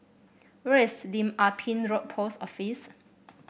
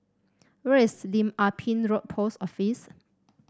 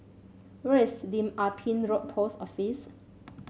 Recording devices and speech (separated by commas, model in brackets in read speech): boundary microphone (BM630), standing microphone (AKG C214), mobile phone (Samsung C7), read sentence